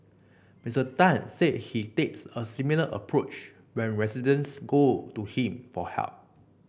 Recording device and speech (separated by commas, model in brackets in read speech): boundary microphone (BM630), read sentence